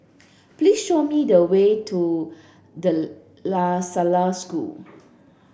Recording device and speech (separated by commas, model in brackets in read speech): boundary microphone (BM630), read sentence